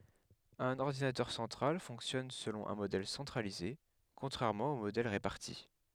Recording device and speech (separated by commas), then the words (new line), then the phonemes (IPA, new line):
headset microphone, read sentence
Un ordinateur central fonctionne selon un modèle centralisé, contrairement aux modèles répartis.
œ̃n ɔʁdinatœʁ sɑ̃tʁal fɔ̃ksjɔn səlɔ̃ œ̃ modɛl sɑ̃tʁalize kɔ̃tʁɛʁmɑ̃ o modɛl ʁepaʁti